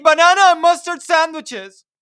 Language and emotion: English, sad